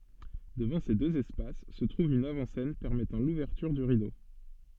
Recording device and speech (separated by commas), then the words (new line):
soft in-ear microphone, read sentence
Devant ces deux espaces se trouve une avant-scène permettant l’ouverture du rideau.